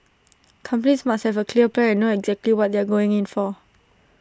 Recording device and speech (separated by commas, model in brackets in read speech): standing microphone (AKG C214), read sentence